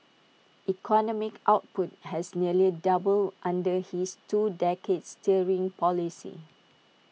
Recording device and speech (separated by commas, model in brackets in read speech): mobile phone (iPhone 6), read sentence